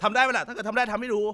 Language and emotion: Thai, angry